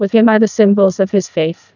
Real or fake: fake